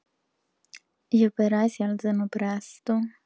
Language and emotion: Italian, neutral